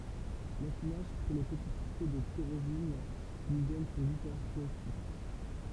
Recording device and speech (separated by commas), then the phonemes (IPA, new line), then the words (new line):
temple vibration pickup, read sentence
lafinaʒ kʁe le pəti kʁisto də tiʁozin ki lyi dɔn sɔ̃ ɡu kaʁakteʁistik
L'affinage crée les petits cristaux de tyrosine qui lui donnent son goût caractéristique.